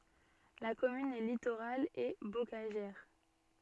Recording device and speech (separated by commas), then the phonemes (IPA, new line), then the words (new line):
soft in-ear microphone, read sentence
la kɔmyn ɛ litoʁal e bokaʒɛʁ
La commune est littorale et bocagère.